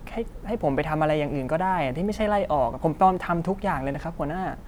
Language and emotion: Thai, frustrated